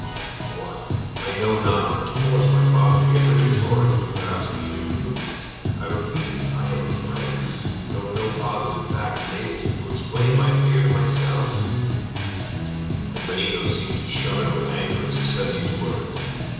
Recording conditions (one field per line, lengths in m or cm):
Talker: one person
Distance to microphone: 7.1 m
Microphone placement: far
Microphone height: 1.7 m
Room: very reverberant, large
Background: music